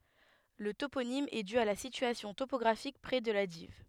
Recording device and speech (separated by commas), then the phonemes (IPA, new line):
headset microphone, read sentence
lə toponim ɛ dy a la sityasjɔ̃ topɔɡʁafik pʁɛ də la div